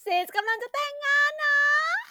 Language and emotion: Thai, happy